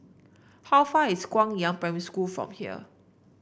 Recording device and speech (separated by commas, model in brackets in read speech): boundary microphone (BM630), read sentence